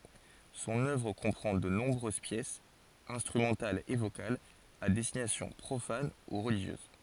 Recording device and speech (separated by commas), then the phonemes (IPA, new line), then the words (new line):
forehead accelerometer, read sentence
sɔ̃n œvʁ kɔ̃pʁɑ̃ də nɔ̃bʁøz pjɛsz ɛ̃stʁymɑ̃talz e vokalz a dɛstinasjɔ̃ pʁofan u ʁəliʒjøz
Son œuvre comprend de nombreuses pièces, instrumentales et vocales, à destination profane ou religieuse.